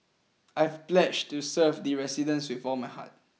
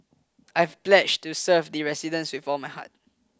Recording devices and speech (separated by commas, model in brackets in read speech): mobile phone (iPhone 6), close-talking microphone (WH20), read sentence